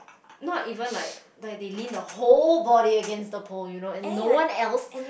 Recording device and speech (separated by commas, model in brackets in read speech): boundary microphone, conversation in the same room